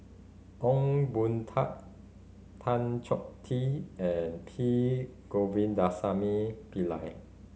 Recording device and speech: mobile phone (Samsung C5010), read sentence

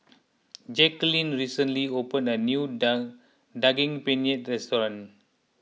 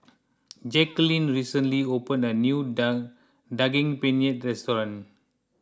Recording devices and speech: mobile phone (iPhone 6), close-talking microphone (WH20), read sentence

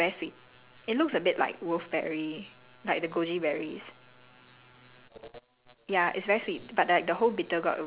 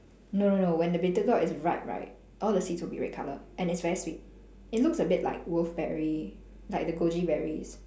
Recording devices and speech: telephone, standing microphone, conversation in separate rooms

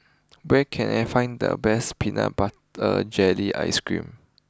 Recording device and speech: close-talking microphone (WH20), read sentence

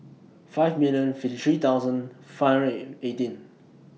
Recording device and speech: mobile phone (iPhone 6), read sentence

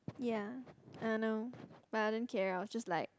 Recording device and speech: close-talking microphone, conversation in the same room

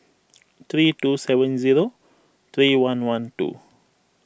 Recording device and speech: boundary microphone (BM630), read sentence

